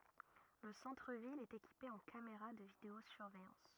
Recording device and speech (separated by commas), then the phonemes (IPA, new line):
rigid in-ear microphone, read sentence
lə sɑ̃tʁ vil ɛt ekipe ɑ̃ kameʁa də video syʁvɛjɑ̃s